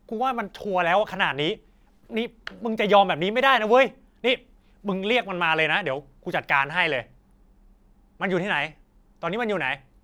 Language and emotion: Thai, angry